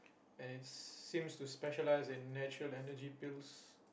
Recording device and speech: boundary microphone, conversation in the same room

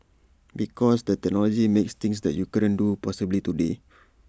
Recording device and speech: standing microphone (AKG C214), read sentence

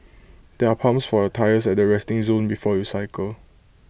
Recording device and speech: boundary microphone (BM630), read sentence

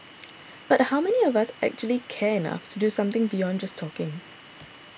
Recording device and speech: boundary microphone (BM630), read sentence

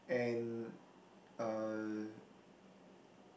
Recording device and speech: boundary microphone, conversation in the same room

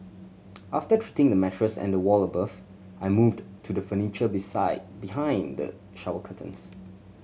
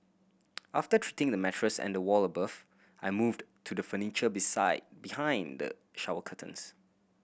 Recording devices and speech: mobile phone (Samsung C7100), boundary microphone (BM630), read sentence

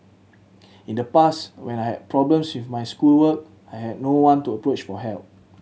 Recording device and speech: mobile phone (Samsung C7100), read sentence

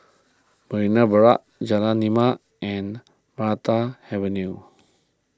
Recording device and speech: close-talking microphone (WH20), read sentence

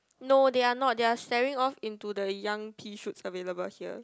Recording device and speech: close-talking microphone, conversation in the same room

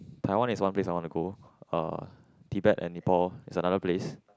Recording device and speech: close-talking microphone, conversation in the same room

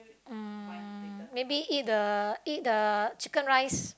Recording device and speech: close-talking microphone, conversation in the same room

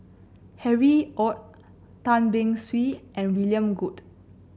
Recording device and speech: boundary microphone (BM630), read sentence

